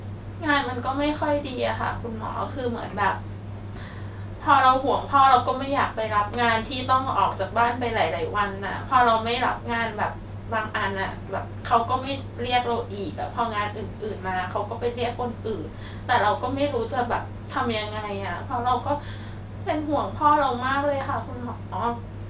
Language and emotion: Thai, sad